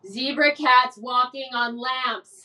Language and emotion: English, sad